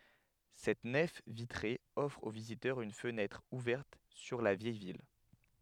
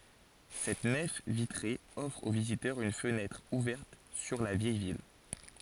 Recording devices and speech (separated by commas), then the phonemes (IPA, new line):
headset microphone, forehead accelerometer, read sentence
sɛt nɛf vitʁe ɔfʁ o vizitœʁz yn fənɛtʁ uvɛʁt syʁ la vjɛj vil